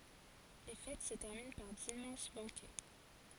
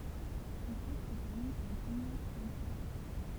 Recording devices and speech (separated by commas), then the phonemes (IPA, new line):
forehead accelerometer, temple vibration pickup, read sentence
le fɛt sə tɛʁmin paʁ dimmɑ̃s bɑ̃kɛ